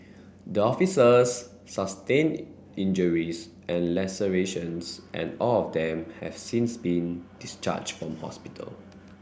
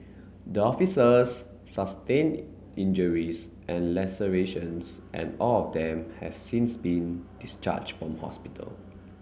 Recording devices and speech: boundary microphone (BM630), mobile phone (Samsung C9), read sentence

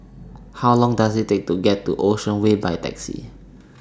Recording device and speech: standing microphone (AKG C214), read sentence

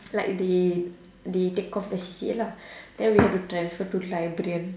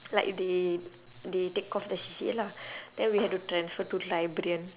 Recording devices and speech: standing microphone, telephone, conversation in separate rooms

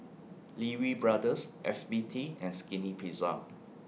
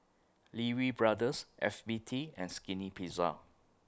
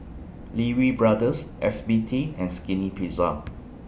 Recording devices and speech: mobile phone (iPhone 6), close-talking microphone (WH20), boundary microphone (BM630), read sentence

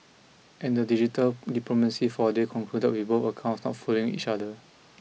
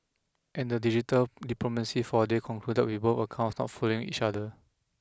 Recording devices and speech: mobile phone (iPhone 6), close-talking microphone (WH20), read sentence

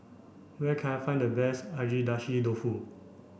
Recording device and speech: boundary microphone (BM630), read sentence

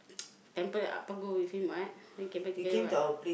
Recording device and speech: boundary microphone, conversation in the same room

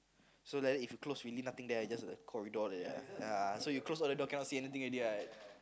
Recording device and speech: close-talking microphone, conversation in the same room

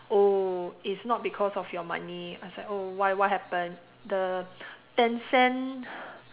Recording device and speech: telephone, conversation in separate rooms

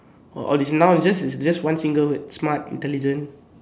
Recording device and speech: standing microphone, conversation in separate rooms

